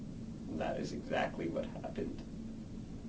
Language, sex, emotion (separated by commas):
English, male, neutral